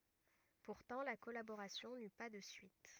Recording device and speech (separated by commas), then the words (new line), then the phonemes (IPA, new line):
rigid in-ear microphone, read sentence
Pourtant la collaboration n'eut pas de suite.
puʁtɑ̃ la kɔlaboʁasjɔ̃ ny pa də syit